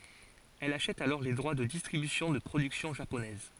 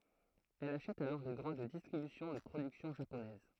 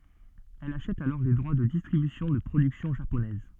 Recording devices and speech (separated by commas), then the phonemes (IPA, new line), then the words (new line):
forehead accelerometer, throat microphone, soft in-ear microphone, read sentence
ɛl aʃɛt alɔʁ le dʁwa də distʁibysjɔ̃ də pʁodyksjɔ̃ ʒaponɛz
Elle achète alors les droits de distribution de productions japonaises.